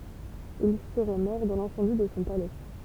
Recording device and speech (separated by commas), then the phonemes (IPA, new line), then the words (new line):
temple vibration pickup, read sentence
il səʁɛ mɔʁ dɑ̃ lɛ̃sɑ̃di də sɔ̃ palɛ
Il serait mort dans l'incendie de son palais.